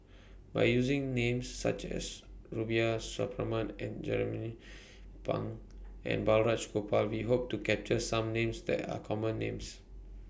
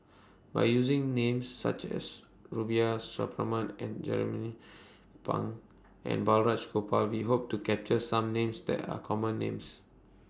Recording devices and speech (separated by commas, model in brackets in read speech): boundary microphone (BM630), standing microphone (AKG C214), read sentence